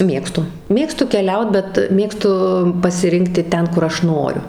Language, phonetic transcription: Lithuanian, ˈmėgstu ˈmėgstu keˈliaut bet ˈmėgstu pasiˈrinkti ˈten kur ˈaš ˈnoriu

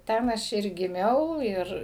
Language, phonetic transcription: Lithuanian, ˈten ˈaš ir giˈmiau ˈir

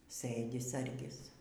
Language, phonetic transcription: Lithuanian, ˈsɘdi ˈsargis

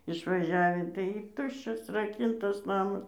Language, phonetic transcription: Lithuanian, išvaˈžiavį tai ˈtuščias raˈkintas ˈnamas

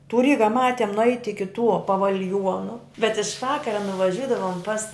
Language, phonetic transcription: Lithuanian, tu ˈryga ˈmatiem nuˈeit' iki tuo paval'ˈjuonu bet iš ˈvakara nuvaˈžiudavom pas

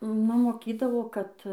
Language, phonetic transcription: Lithuanian, ˈnu moˈkydavo ˈkad

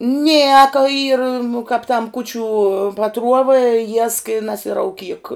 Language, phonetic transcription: Lithuanian, ˈnieka ˈyra nu kāp tam ˈkūčiu paˈtruova jiesk i nasirauˈkyk

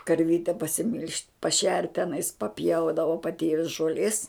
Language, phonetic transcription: Lithuanian, karˈvyte pasiˈmil'žt' paˈšert teˈnais paˈpjaudavo paˈtėvis žoˈlės

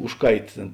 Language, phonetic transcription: Lithuanian, ˈužˌkait tėn

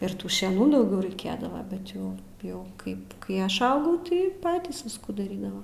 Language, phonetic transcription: Lithuanian, ir ˈtų šeˈnų dauˈgiau raiˈkėdava bet ˈjau jau ˈkaip kai ˈaš ˈaugau tai ˈpatys ˈviskų daˈrydava

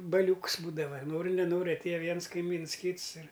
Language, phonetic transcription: Lithuanian, baˈliūks ˈbūdava ˈnori neˈnori atˈėja ˈviens kaiˈmyns ˈkyts ir

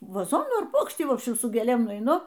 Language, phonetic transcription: Lithuanian, vaˈzonų ar ˈpuokštį ˈvobščim su gėˈlėm nueiˈnu

